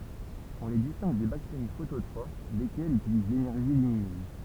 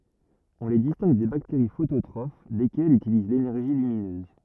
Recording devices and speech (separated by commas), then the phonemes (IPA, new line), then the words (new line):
temple vibration pickup, rigid in-ear microphone, read sentence
ɔ̃ le distɛ̃ɡ de bakteʁi fototʁof lekɛlz ytiliz lenɛʁʒi lyminøz
On les distingue des bactéries phototrophes, lesquelles utilisent l'énergie lumineuse.